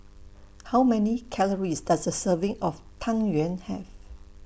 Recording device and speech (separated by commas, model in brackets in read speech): boundary microphone (BM630), read sentence